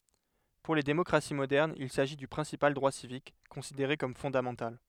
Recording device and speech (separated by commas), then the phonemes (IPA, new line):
headset microphone, read sentence
puʁ le demɔkʁasi modɛʁnz il saʒi dy pʁɛ̃sipal dʁwa sivik kɔ̃sideʁe kɔm fɔ̃damɑ̃tal